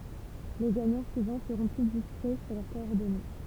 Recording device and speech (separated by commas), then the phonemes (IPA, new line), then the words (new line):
temple vibration pickup, read sentence
le ɡaɲɑ̃ syivɑ̃ səʁɔ̃ ply diskʁɛ syʁ lœʁ kɔɔʁdɔne
Les gagnants suivants seront plus discrets sur leurs coordonnées.